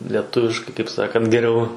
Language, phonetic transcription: Lithuanian, lieˈtuviškai kaip ˈsakant geˈriau

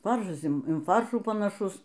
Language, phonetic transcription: Lithuanian, ˈfaršas in ˈfaršų panaˈšus

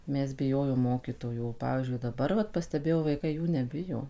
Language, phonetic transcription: Lithuanian, ˈmes biˈjojom ˈmokytojų o ˈpavyzdžiui daˈbar vat pasteˈbėjau vaiˈkai ˈjų neˈbijo

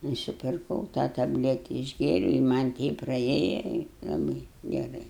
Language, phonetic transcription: Lithuanian, nusipirˈkau tą tabˈlete išˈgėriau i man' ˈteip praˈėja i laˈbɨi geˈrai

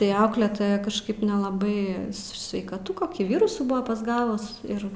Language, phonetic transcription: Lithuanian, tai ˈaukletoja kažˈkaip nelaˈbai sveikaˈtu koˈkį ˈvirusų ˈbuva pasˈgavus ˈir

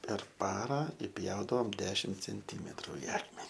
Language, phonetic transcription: Lithuanian, per ˈpara iˈpjaudavom ˈdešim cenˈtymetru i ˈakmeni

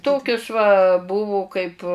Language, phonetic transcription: Lithuanian, ˈtokius va ˈbuvu kaip

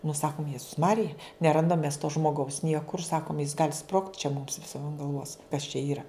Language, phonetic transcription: Lithuanian, nu ˈsakum ˈjezus ˈmarija neˈrandam mes to žmoˈgaus ˈniekur ˈsakum jis gal' sprogt' čia mums viˈsiem an galˈvos kas čia ˈyra

